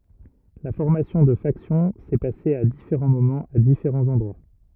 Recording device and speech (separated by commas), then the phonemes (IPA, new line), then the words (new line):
rigid in-ear microphone, read sentence
la fɔʁmasjɔ̃ də faksjɔ̃ sɛ pase a difeʁɑ̃ momɑ̃z a difeʁɑ̃z ɑ̃dʁwa
La formation de factions s'est passé à différents moments à différents endroits.